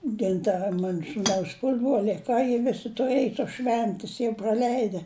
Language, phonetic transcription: Lithuanian, ten ˈta ˈmanu sūˈnaus ˈpusbroliai a ˈką jie ˈvisi tuˈrɘj tos ˈšventis jau proˈleide

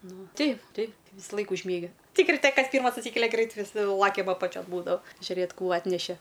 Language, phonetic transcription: Lithuanian, ˈnu ˈteip ˈteip vysaˈlaik užˈmiegi ˈtik riˈte ˈkas ˈpyrmas atˈsykelia ˈgreit viˈsi ˈlakiam apaˈčion ˈbūdava žiuˈrėt ˈkų ˈatneše

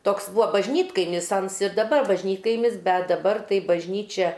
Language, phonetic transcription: Lithuanian, ˈtoks ˈbūvo bažˈnytkaimis ˈans ir daˈbar bažˈnytkaimis ˈbet daˈbar tai bažˈnyčia

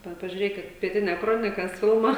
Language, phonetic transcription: Lithuanian, ˈva pažiuˈrėkit pieˈtinia ˈkronikas ˈfilma

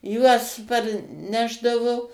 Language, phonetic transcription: Lithuanian, ˈjuos parˈnešdavu

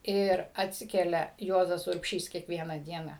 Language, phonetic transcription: Lithuanian, ir atˈsikelia ˈjuozas urbˈšys kiekˈviena ˈdiena

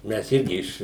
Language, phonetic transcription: Lithuanian, mes ˈirgi iš

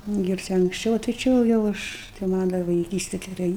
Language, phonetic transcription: Lithuanian, ir ˈčia anksˈčiau o tai ˈči va jau ˈaš tai ˈman' dar vaiˈkyste geˈrai

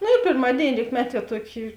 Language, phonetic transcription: Lithuanian, ˈnu ir pėrˈmadėini ˈrykmeˌtie ˈtuoˌki

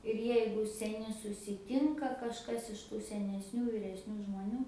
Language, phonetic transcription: Lithuanian, ir ˈjeigu seˈni susiˈtinka kažˈkas iš ˈtų senesˈnių vyresˈnių žmoˈnių

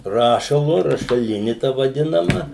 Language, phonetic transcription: Lithuanian, ˈrašalu rašaˈlini ta vaˈdinama

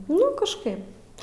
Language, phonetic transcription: Lithuanian, nu kažˈkaip

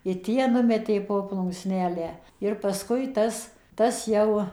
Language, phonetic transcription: Lithuanian, i ˈtie ˈnumetė ˌpo plunksˈnelę ir pasˈkui ˈtas ˈtas jau

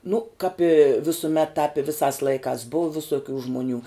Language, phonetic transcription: Lithuanian, nu kāp i visuˈmet tāp i ˈvisās ˈlaikās ˈbuu visoˈkių žmuˈnių

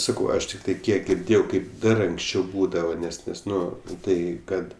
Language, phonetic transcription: Lithuanian, ˈsakau ˈaš tikˈtai ˈkiek girˈdėjau ˈkaip ˈdar anksˈčiau ˈbūdava ˈnes ˈnes ˈnu ˈtai ˈkad

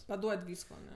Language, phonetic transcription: Lithuanian, paˈduod' ˈvysko aˈne

